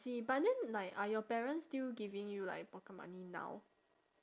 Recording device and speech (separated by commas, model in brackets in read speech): standing microphone, conversation in separate rooms